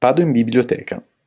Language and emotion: Italian, neutral